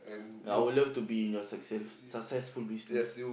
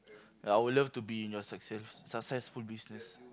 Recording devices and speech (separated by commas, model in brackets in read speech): boundary microphone, close-talking microphone, conversation in the same room